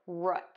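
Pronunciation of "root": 'Root' is said with the same vowel as in 'foot'.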